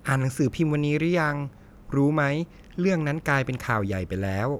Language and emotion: Thai, neutral